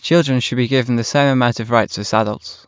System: none